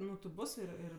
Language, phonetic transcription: Lithuanian, nu ti ˈbus ir ˈir

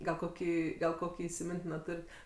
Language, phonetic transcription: Lithuanian, gal ˈkokį gal ˈkokį įsiˈmintino ˈturit

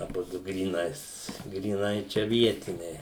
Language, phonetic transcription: Lithuanian, aˈbudu gryˈnais gryˈnai ˈčia ˈvietiniai

